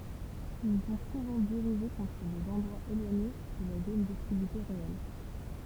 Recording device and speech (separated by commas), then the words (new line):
temple vibration pickup, read sentence
Ils sont souvent dirigés contre des endroits éloignés de la zone d'hostilité réelle.